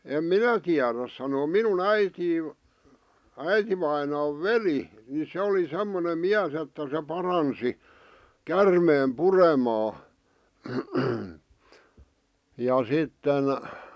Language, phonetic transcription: Finnish, em "minä tiäräs sanoo 'minun "äitii , 'äitivainaav̆ "veli , ni 'se oli 'semmonem "miäs että se 'paransi , "kärmeem "puremaa , , ja 'sitten ,.
- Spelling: en minä tiedä sanoa minun äiti äitivainaan veli niin se oli semmoinen mies että se paransi käärmeen puremaa ja sitten

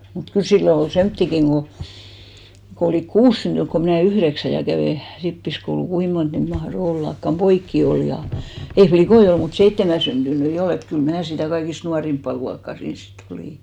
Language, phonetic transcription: Finnish, mut kyl 'sillo ol "semttikiŋ ɢo , ko olìk "kuus syntyŋk ko 'mⁱnä̀ "yhδeksä ja 'kävè , 'rippiskoulu , 'kui mont niit 'mahro 'ollakkam , "poikki 'ol ja , ei "flikoi ol , mut 'seittemä syntynyi "ol ‿et kyl 'mää sitä̀ 'kaikist 'nuarimppa 'luakkà 'siins si't ‿olì .
- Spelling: mutta kyllä silloin oli semmoisiakin kun kun olivat kuusi syntynyt kun minä yhdeksän ja kävi rippikoulua kuinka monta niitä mahtoi ollakaan poikia oli ja ei likkoja ollut mutta seitsemän syntyneitä oli että kyllä minä sitä kaikista nuorinta luokkaa siinä sitten olin

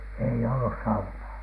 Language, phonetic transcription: Finnish, ei "ollus 'saunaa .
- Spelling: ei ollut saunaa

